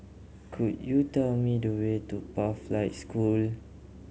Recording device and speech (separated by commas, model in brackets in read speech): mobile phone (Samsung C7100), read sentence